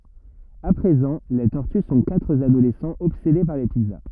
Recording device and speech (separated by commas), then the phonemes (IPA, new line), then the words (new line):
rigid in-ear microphone, read sentence
a pʁezɑ̃ le tɔʁty sɔ̃ katʁ adolɛsɑ̃z ɔbsede paʁ le pizza
À présent, les tortues sont quatre adolescents obsédés par les pizzas.